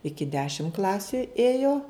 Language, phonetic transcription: Lithuanian, ˈiki ˈdešim ˈklasiu ˈėjo

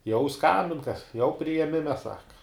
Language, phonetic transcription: Lithuanian, jau ˈskambin kas jau prijeˈmime ˈsaka

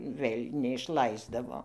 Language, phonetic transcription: Lithuanian, ˈvɘl' neišˈlaisdavo

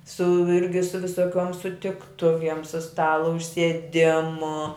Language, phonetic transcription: Lithuanian, su ˈirgi su visoˈkiuom sutikˈtuviem su ˈstalo užsieˈdimu

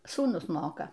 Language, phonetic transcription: Lithuanian, sūˈnus ˈmoka

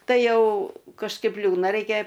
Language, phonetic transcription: Lithuanian, ˈtai ˈjau kažˈkaip ˈliūdna ˈreikia

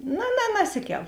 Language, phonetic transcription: Lithuanian, no na naˈsiˌkel

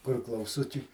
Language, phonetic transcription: Lithuanian, kur klauˈsučiai

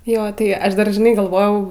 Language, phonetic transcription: Lithuanian, ˈjo tai ˈaš ˈdar žiˈnai galˈvojau

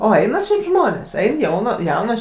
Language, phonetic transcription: Lithuanian, ˈo ˈeina šiaip ˈžmonės ˈein ˈjauna ˈjaunos

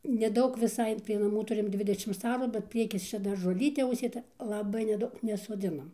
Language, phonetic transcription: Lithuanian, neˈdaug viˈsai prie naˈmų ˈturim ˈdvidešims ˈarų bet ˈpriekis ˈčia dar žoˈlytė užsėˈta laˈbai neˈdaug nesoˈdzinam

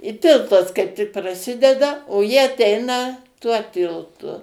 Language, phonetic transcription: Lithuanian, i ˈtiltas kaip tik praˈsideda o ˈji aˈteina tuo ˈtiltu

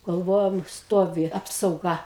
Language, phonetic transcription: Lithuanian, galˈvojom ˈstovi ˌapsauˈga

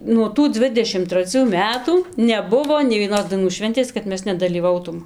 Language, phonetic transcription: Lithuanian, nuo ˈtų ˈdzvidešim traˈcių ˈmetų neˈbuvo nei vieˈnos daiˈnų ˈšventės kad ˈmes nedalyˈvautūm

